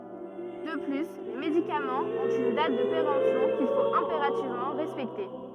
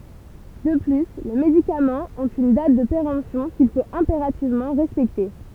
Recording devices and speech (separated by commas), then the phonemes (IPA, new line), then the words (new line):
rigid in-ear microphone, temple vibration pickup, read sentence
də ply le medikamɑ̃z ɔ̃t yn dat də peʁɑ̃psjɔ̃ kil fot ɛ̃peʁativmɑ̃ ʁɛspɛkte
De plus, les médicaments ont une date de péremption qu'il faut impérativement respecter.